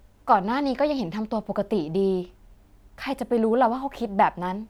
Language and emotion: Thai, frustrated